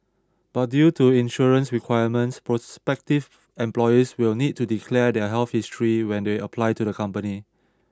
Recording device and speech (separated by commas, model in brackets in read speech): standing microphone (AKG C214), read sentence